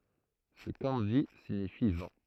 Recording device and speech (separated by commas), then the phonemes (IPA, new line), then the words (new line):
throat microphone, read sentence
sə kɑ̃ʒi siɲifi vɑ̃
Ce kanji signifie vent.